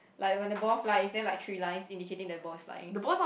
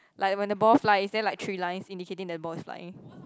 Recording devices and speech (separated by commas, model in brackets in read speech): boundary microphone, close-talking microphone, conversation in the same room